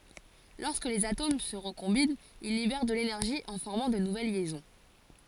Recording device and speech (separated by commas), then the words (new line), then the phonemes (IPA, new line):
forehead accelerometer, read sentence
Lorsque les atomes se recombinent, ils libèrent de l'énergie en formant de nouvelles liaisons.
lɔʁskə lez atom sə ʁəkɔ̃bint il libɛʁ də lenɛʁʒi ɑ̃ fɔʁmɑ̃ də nuvɛl ljɛzɔ̃